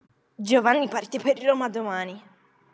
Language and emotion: Italian, disgusted